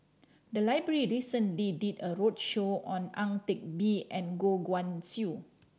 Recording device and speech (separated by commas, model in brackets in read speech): standing microphone (AKG C214), read sentence